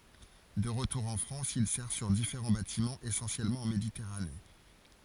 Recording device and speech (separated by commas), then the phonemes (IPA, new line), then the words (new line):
forehead accelerometer, read sentence
də ʁətuʁ ɑ̃ fʁɑ̃s il sɛʁ syʁ difeʁɑ̃ batimɑ̃z esɑ̃sjɛlmɑ̃ ɑ̃ meditɛʁane
De retour en France, il sert sur différents bâtiments essentiellement en Méditerranée.